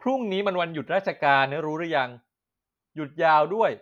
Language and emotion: Thai, neutral